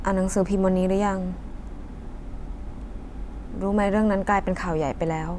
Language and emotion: Thai, frustrated